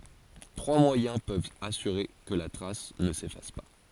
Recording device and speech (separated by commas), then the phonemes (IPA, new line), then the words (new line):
forehead accelerometer, read sentence
tʁwa mwajɛ̃ pøvt asyʁe kə la tʁas nə sefas pa
Trois moyens peuvent assurer que la trace ne s'efface pas.